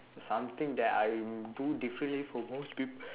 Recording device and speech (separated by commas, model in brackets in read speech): telephone, conversation in separate rooms